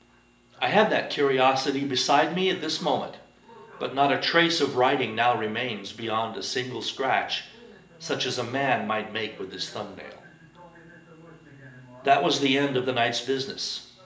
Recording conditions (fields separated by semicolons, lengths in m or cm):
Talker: one person; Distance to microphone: 1.8 m; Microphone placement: close; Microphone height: 1.0 m; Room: large; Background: television